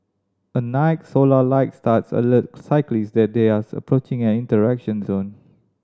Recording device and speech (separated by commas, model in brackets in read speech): standing microphone (AKG C214), read sentence